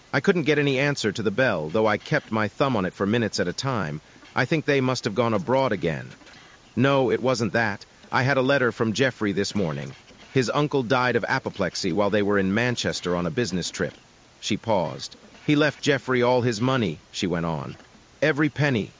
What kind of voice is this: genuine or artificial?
artificial